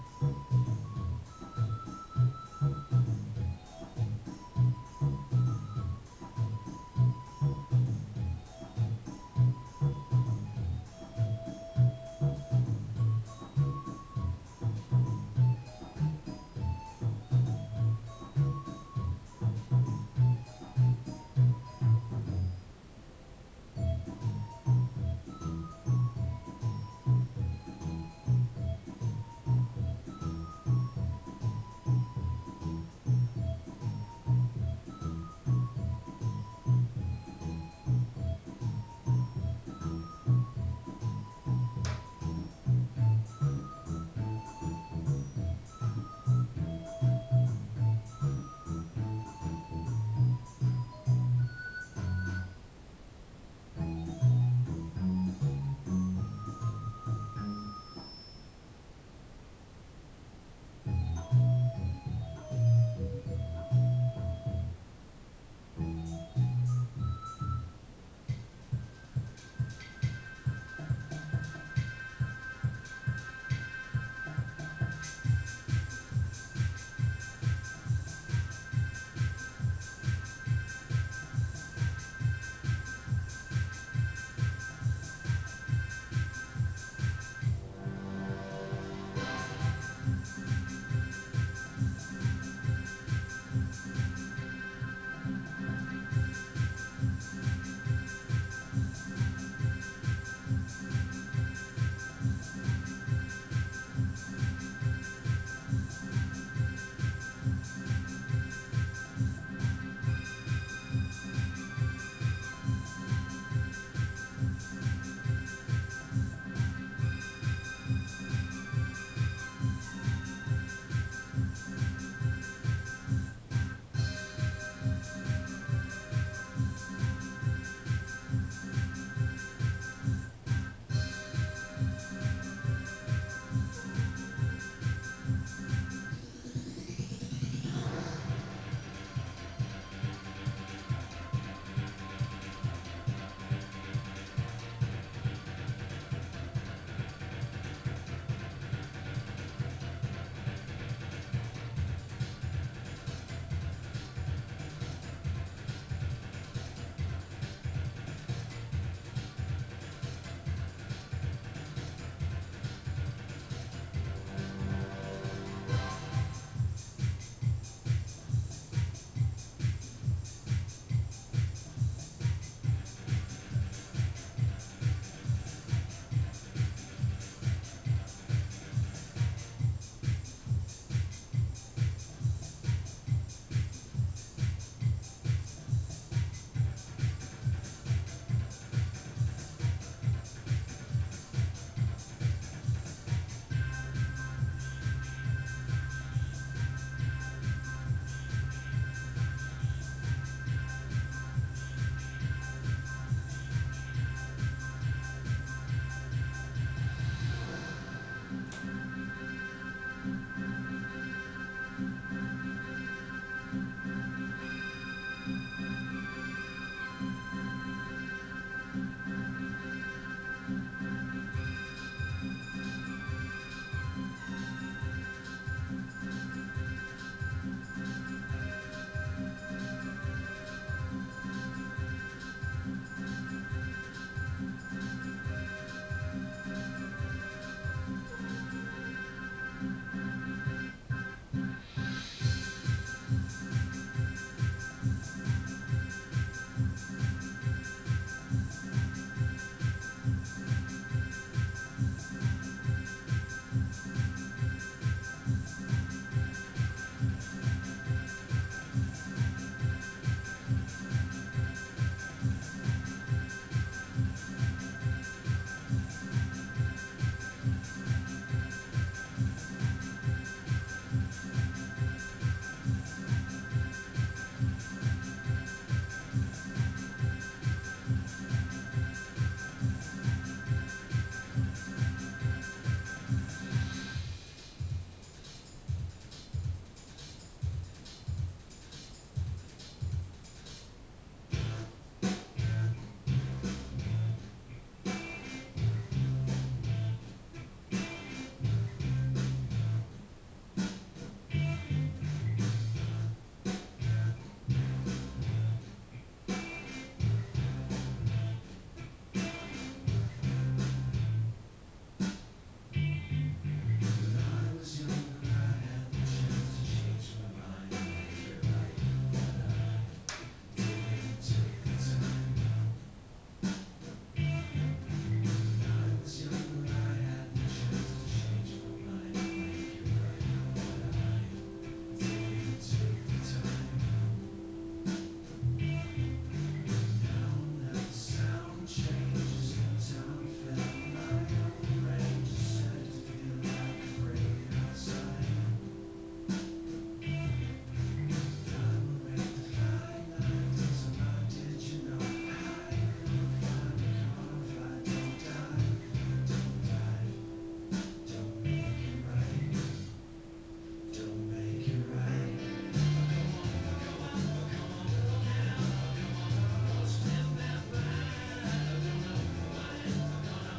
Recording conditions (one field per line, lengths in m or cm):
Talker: no one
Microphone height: 2.7 m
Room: small (3.7 m by 2.7 m)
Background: music